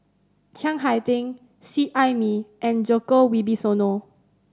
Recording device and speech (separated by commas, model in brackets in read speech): standing microphone (AKG C214), read sentence